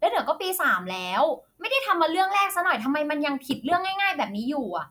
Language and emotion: Thai, angry